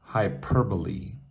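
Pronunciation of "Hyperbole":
'Hyperbole' is given its proper North American pronunciation.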